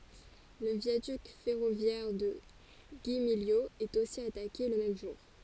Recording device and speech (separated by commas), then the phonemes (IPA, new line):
forehead accelerometer, read sentence
lə vjadyk fɛʁovjɛʁ də ɡimiljo ɛt osi atake lə mɛm ʒuʁ